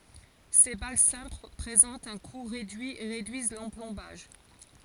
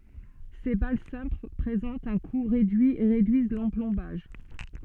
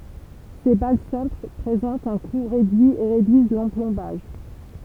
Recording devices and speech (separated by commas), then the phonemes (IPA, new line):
forehead accelerometer, soft in-ear microphone, temple vibration pickup, read sentence
se bal sɛ̃pl pʁezɑ̃tt œ̃ ku ʁedyi e ʁedyiz lɑ̃plɔ̃baʒ